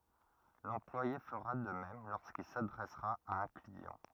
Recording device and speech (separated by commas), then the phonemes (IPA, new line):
rigid in-ear microphone, read sentence
lɑ̃plwaje fəʁa də mɛm loʁskil sadʁɛsʁa a œ̃ kliɑ̃